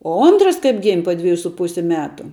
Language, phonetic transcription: Lithuanian, o ˈontras kaip gim' po ˈdvejų su ˈpusi ˈmetu

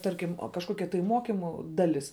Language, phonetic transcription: Lithuanian, ˈtarkim kažˈkokia tai ˈmokimu ˈdalis

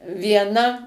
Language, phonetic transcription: Lithuanian, vieˈna

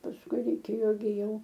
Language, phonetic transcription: Lithuanian, pasˈkui reiˈkėjo gi ˈjau

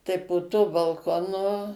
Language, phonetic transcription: Lithuanian, tai po tuo balˈkonu

